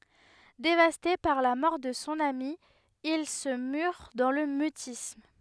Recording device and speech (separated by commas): headset microphone, read sentence